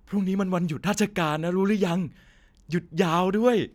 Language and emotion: Thai, happy